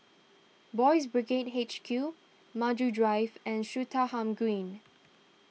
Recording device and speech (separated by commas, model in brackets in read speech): mobile phone (iPhone 6), read sentence